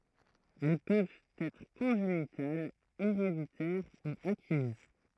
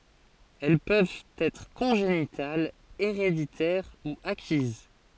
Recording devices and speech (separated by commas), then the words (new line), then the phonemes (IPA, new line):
throat microphone, forehead accelerometer, read sentence
Elles peuvent être congénitales, héréditaires ou acquises.
ɛl pøvt ɛtʁ kɔ̃ʒenitalz eʁeditɛʁ u akiz